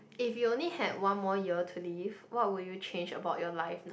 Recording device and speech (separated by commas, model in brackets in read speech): boundary microphone, conversation in the same room